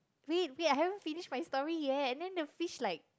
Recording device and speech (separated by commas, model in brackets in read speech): close-talking microphone, conversation in the same room